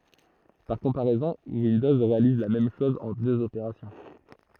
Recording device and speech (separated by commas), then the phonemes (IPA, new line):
throat microphone, read sentence
paʁ kɔ̃paʁɛzɔ̃ windɔz ʁealiz la mɛm ʃɔz ɑ̃ døz opeʁasjɔ̃